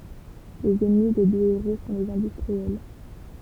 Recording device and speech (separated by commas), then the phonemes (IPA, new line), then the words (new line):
temple vibration pickup, read sentence
lez ɛnmi de dø eʁo sɔ̃ lez ɛ̃dystʁiɛl
Les ennemis des deux héros sont les industriels.